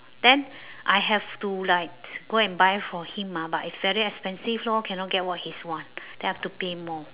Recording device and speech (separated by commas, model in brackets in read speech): telephone, conversation in separate rooms